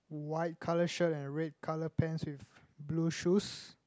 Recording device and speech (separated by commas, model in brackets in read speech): close-talking microphone, conversation in the same room